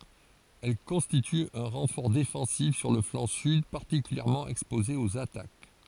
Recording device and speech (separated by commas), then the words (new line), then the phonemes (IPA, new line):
forehead accelerometer, read sentence
Elle constitue un renfort défensif sur le flanc sud particulièrement exposé aux attaques.
ɛl kɔ̃stity œ̃ ʁɑ̃fɔʁ defɑ̃sif syʁ lə flɑ̃ syd paʁtikyljɛʁmɑ̃ ɛkspoze oz atak